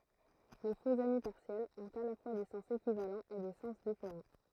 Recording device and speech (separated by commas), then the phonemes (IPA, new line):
throat microphone, read sentence
le foksami paʁsjɛlz ɔ̃t a la fwa de sɑ̃s ekivalɑ̃z e de sɑ̃s difeʁɑ̃